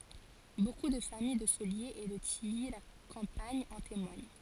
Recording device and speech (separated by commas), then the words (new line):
forehead accelerometer, read sentence
Beaucoup de famille de Soliers et de Tilly-la-Campagne en témoignent.